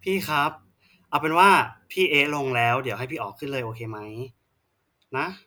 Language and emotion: Thai, frustrated